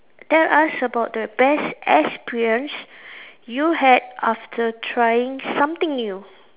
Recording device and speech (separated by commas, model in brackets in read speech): telephone, conversation in separate rooms